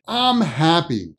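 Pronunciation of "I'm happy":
In 'I'm happy', 'I'm' is reduced so it sounds like 'um'.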